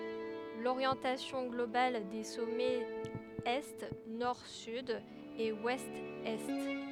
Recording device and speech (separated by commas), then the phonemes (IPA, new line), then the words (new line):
headset microphone, read sentence
loʁjɑ̃tasjɔ̃ ɡlobal de sɔmɛz ɛ nɔʁ syd e wɛst ɛ
L'orientation globale des sommets est Nord-Sud et Ouest-Est.